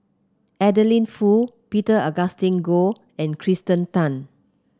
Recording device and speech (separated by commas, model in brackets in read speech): close-talking microphone (WH30), read sentence